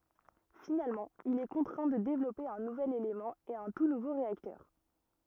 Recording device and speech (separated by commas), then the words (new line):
rigid in-ear microphone, read sentence
Finalement, il est contraint de développer un nouvel élément et un tout nouveau réacteur.